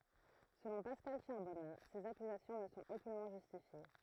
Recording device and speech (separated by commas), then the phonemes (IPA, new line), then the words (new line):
throat microphone, read sentence
səlɔ̃ paskal ʃaʁbɔna sez akyzasjɔ̃ nə sɔ̃t okynmɑ̃ ʒystifje
Selon Pascal Charbonnat, ces accusations ne sont aucunement justifiées.